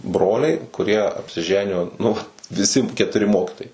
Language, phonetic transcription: Lithuanian, ˈbroliai kuˈrie apsiˈženijo nu ˈvat viˈsi ketuˈri ˈmokitojai

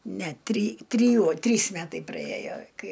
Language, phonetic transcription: Lithuanian, ne try tryˈjuo ˈtrys ˈmetai praˈėjo ˈkai

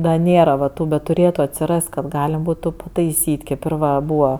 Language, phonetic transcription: Lithuanian, da ˈnėra va ˈtų bet tuˈrėtu atsiˈrast kad ˈgalem ˈbūtu pataiˈsyt' kėp ir ˈva ˈbūva

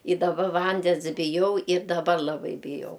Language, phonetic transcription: Lithuanian, i daˈba ˈvandens biˈjau ir daˈbar laˈbai biˈjau

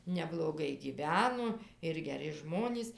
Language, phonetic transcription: Lithuanian, nebloˈgai gyˈveno ir geˈri ˈžmonys

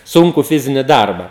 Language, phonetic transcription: Lithuanian, ˈsunku ˈfizini ˈdarba

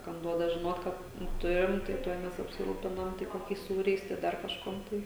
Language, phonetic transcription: Lithuanian, kam ˈduoda žiˈnot ˈkad nu ˈturim tai ˈtuoj ˈmes apsiˈrūpinam tai koˈkiais ˈsūriais tai ˈdar kažˈkuom ˈtai

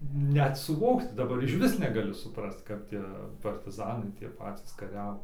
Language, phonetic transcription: Lithuanian, ˈnet suˈvokt daˈbar išˈvis neˈgali suˈprast ˈkap tie partiˈzanai tie ˈpatys kaˈriavo

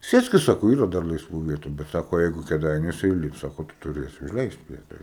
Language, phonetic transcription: Lithuanian, ˈsėskis ˈsako ˈyra dar laisˈvų ˈvietu bet ˈsako ˈjeigu kėˈdainiuose iˈlips ˈsako tu tuˈrėsi užˈleist ˈvieta

